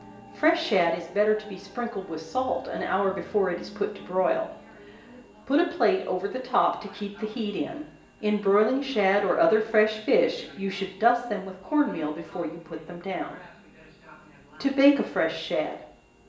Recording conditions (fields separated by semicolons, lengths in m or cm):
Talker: one person; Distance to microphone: 1.8 m; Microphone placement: close; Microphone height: 1.0 m; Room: large; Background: television